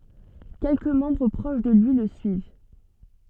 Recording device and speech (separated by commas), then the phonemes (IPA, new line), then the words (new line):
soft in-ear microphone, read sentence
kɛlkə mɑ̃bʁ pʁoʃ də lyi lə syiv
Quelques membres proches de lui le suivent.